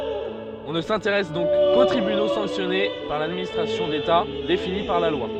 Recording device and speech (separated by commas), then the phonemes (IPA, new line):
soft in-ear microphone, read sentence
ɔ̃ nə sɛ̃teʁɛs dɔ̃k ko tʁibyno sɑ̃ksjɔne paʁ ladministʁasjɔ̃ deta defini paʁ la lwa